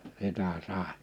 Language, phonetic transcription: Finnish, 'sitä 'sàe .
- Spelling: sitä sai

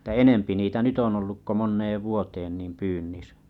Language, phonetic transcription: Finnish, ᵉttᴀ̈ 'enempi niitä 'nyt ‿on olluk ko 'monneev vuoteen niim 'pyynnisä .
- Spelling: että enempi niitä nyt on ollut kuin moneen vuoteen niin pyynnissä

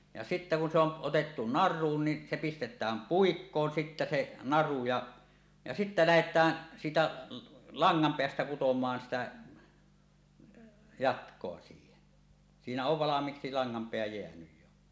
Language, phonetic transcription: Finnish, ja sittä kun se ‿on , 'otettu "nar̆ruun ni , 'se 'pistet̀ääm "puikkoon sittä 'se 'naru ja , ja sittä 'lähet̀ää , siitä , "laŋŋampeästä 'kutomaan 'sitä , "jatk̀oa siihen , 'siinä ov 'valam̀iiksi 'laŋŋampeä jeänyj jo .
- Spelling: ja sitten kun se on otettu naruun niin se pistetään puikkoon sitten se naru ja ja sitten lähdetään siitä langanpäästä kutomaan sitä jatkoa siihen siinä on valmiiksi langanpää jäänyt jo

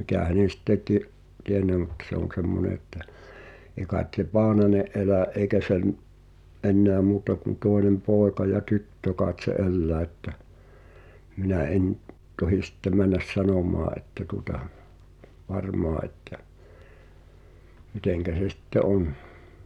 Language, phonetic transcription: Finnish, mikä 'hänen̬ sitte ti’- , 'tienne mᵘt se ‿on̬ 'semmone että , eĭ kait se "Paanane’ '’elä̀’ ’èi̬kä sem , '’enneä 'muuta kun 'tòenem "pooᵉka ja "tyttö kaaᵉt se '’ellää ᵉttä , minä 'en , 'tohi sⁱtte 'männäs "sanom̀aa ’että tuᵒta , "varmoa ’että , 'miteŋkä se 'sitte "on .
- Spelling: mikä hänen sitten - tiennyt mitä se on semmoinen että ei kai se Paananen elä eikä sen enää muuta kuin toinen poika ja tyttö kai se elää että minä en tohdi sitten mennä sanomaan että tuota varmaan että miten se sitten on

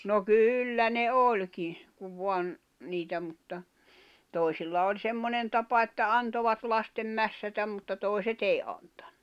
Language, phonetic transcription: Finnish, no "kyyllä ne 'oĺki , kuv 'voan , niitä mutta , 'tòi̬silla oĺ 'semmonen tapa että "antovat 'lastem "mässätäm mutta 'tòi̬se't ‿èi antᴀɴɴᴜ .
- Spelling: no kyllä ne olikin kun vain niitä mutta toisilla oli semmoinen tapa että antoivat lasten mässätä mutta toiset ei antanut

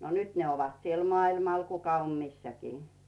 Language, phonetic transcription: Finnish, no 'nyt ne ovat siel "mᵒailmal 'kuka om "missäkii .
- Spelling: no nyt ne ovat siellä maailmalla kuka on missäkin

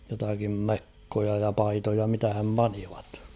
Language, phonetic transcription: Finnish, jotakim "mekkoja ja 'paitoja mitähäm 'panivᴀt .
- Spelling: jotakin mekkoja ja paitoja mitähän panivat

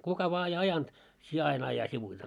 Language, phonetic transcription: Finnish, 'kuka vaa ei 'ajant , 'sie 'ain ‿aja sivuite .
- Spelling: kuka vain ei ajanut sinä aina aja sivuitse

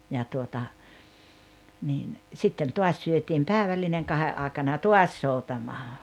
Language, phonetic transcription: Finnish, ja tuota , niin , 'sitten 'tuas syötim "pääᵉvällineŋ 'kahe’ ’àekana ja "tuas 'soutamaa .
- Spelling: ja tuota niin sitten taas syötiin päivällinen kahden aikana ja taas soutamaan

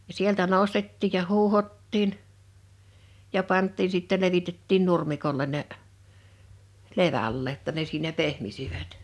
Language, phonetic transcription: Finnish, ja 'sieltä 'nòstettiij ja 'huuhottiin , ja 'pant̆tiin̬ sìtte 'levitettiin 'nurmikolleⁿ ne , 'leva̳llee ‿tta ne siinä 'pehmisivät .
- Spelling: ja sieltä nostettiin ja huuhdottiin ja pantiin sitten levitettiin nurmikolle ne levälleen jotta ne siinä pehmisivät

